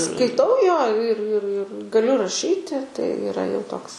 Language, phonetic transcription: Lithuanian, skaiˈtau jo ir ir ir gaˈliu raˈšyti tai iˈra jau ˈtoks

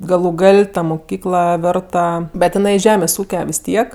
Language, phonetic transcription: Lithuanian, galu ˈgal' ta muˈkykla ˈvėrta bet iˈnai ˈžemės' ˈūke vis ˈtiek

